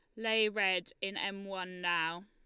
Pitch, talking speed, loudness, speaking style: 195 Hz, 175 wpm, -34 LUFS, Lombard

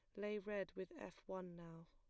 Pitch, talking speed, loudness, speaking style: 190 Hz, 215 wpm, -49 LUFS, plain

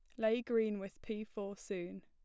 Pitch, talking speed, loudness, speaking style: 215 Hz, 195 wpm, -39 LUFS, plain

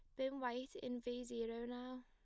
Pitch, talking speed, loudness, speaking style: 245 Hz, 195 wpm, -46 LUFS, plain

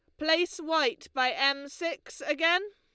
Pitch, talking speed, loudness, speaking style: 320 Hz, 145 wpm, -28 LUFS, Lombard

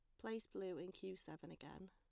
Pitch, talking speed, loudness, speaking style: 190 Hz, 210 wpm, -52 LUFS, plain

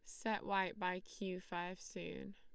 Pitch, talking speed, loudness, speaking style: 185 Hz, 165 wpm, -43 LUFS, Lombard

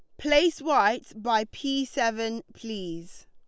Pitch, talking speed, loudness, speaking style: 230 Hz, 115 wpm, -26 LUFS, Lombard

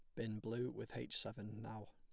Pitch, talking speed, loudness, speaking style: 110 Hz, 210 wpm, -46 LUFS, plain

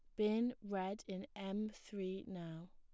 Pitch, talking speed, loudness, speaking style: 195 Hz, 140 wpm, -43 LUFS, plain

